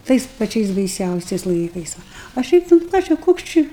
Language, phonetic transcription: Lithuanian, ˈtais paˈčiais baiˈsiausiais ˈlaikais ˈva a ˈšiaip nu ˈką čia ˈkoks či

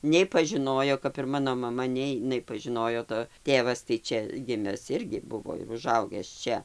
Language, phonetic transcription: Lithuanian, nei pažiˈnojo kap ir ˈmano maˈma nei iˈnai nepažiˈnojo to ˈtėvas tai ˈčia ˈgimes ˈirgi ˈbuvo ir uˈžaugęs ˈčia

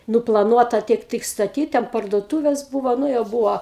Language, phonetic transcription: Lithuanian, nuplaˈnuota ˈtiek ˈtɨk staˈtyt ten parduoˈtūvės ˈbūvo ˈnu jau ˈbūvo

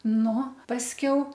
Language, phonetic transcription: Lithuanian, ˈnu pasˈkiau

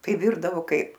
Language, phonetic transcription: Lithuanian, tai ˈvirdavo ˈkaip

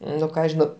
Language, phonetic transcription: Lithuanian, ˈnu ˈką žiˈnau

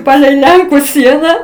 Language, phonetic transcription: Lithuanian, ˈpalei ˈlenku ˈsiena

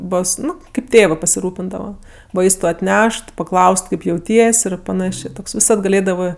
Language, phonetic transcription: Lithuanian, ˈbos ˈnu kaip ˈtėvɜ pasiˈrūpindava ˈvaistu atˈnešt paˈklaust ˈkaip jauˈties' ir paˈnašė ˈtoks viˈsad gaˈlėdavɜ

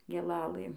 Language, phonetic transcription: Lithuanian, gėˈlalɘ

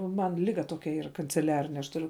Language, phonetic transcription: Lithuanian, ˈman ˈliga ˈtokia ˈyra kanceˈliarine aš tuˈriu

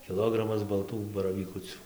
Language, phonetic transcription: Lithuanian, kiˈlogramas balˈtų baravyˈkucių

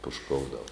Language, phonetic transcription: Lithuanian, pušˈkoudav

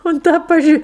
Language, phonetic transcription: Lithuanian, unt ˈtą paˈžy

